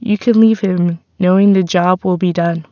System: none